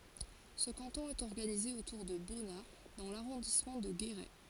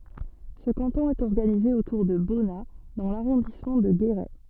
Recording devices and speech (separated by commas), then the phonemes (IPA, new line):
forehead accelerometer, soft in-ear microphone, read sentence
sə kɑ̃tɔ̃ ɛt ɔʁɡanize otuʁ də bɔna dɑ̃ laʁɔ̃dismɑ̃ də ɡeʁɛ